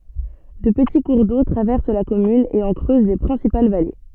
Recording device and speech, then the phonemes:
soft in-ear microphone, read sentence
dø pəti kuʁ do tʁavɛʁs la kɔmyn e ɑ̃ kʁøz le pʁɛ̃sipal vale

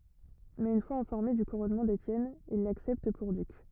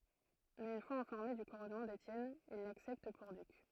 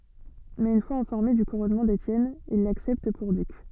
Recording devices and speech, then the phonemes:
rigid in-ear microphone, throat microphone, soft in-ear microphone, read sentence
mɛz yn fwaz ɛ̃fɔʁme dy kuʁɔnmɑ̃ detjɛn il laksɛpt puʁ dyk

